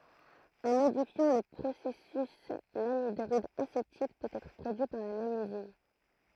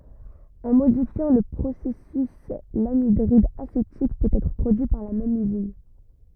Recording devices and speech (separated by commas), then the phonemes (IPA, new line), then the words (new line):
throat microphone, rigid in-ear microphone, read sentence
ɑ̃ modifjɑ̃ lə pʁosɛsys lanidʁid asetik pøt ɛtʁ pʁodyi paʁ la mɛm yzin
En modifiant le processus, l'anhydride acétique peut être produit par la même usine.